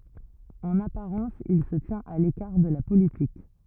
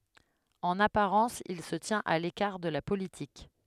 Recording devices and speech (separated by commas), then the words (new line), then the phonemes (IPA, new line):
rigid in-ear microphone, headset microphone, read sentence
En apparence, il se tient à l'écart de la politique.
ɑ̃n apaʁɑ̃s il sə tjɛ̃t a lekaʁ də la politik